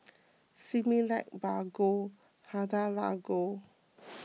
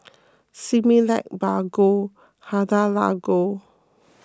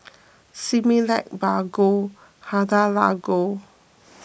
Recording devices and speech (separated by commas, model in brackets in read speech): mobile phone (iPhone 6), close-talking microphone (WH20), boundary microphone (BM630), read sentence